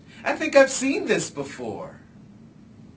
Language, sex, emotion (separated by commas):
English, male, happy